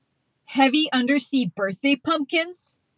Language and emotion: English, angry